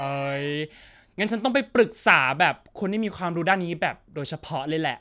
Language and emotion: Thai, happy